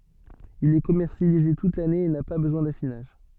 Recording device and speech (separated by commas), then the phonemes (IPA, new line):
soft in-ear microphone, read sentence
il ɛ kɔmɛʁsjalize tut lane e na pa bəzwɛ̃ dafinaʒ